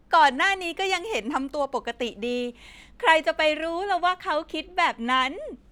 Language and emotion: Thai, happy